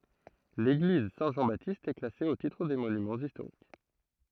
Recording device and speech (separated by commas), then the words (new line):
throat microphone, read sentence
L'église Saint-Jean-Baptiste est classée au titre des Monuments historiques.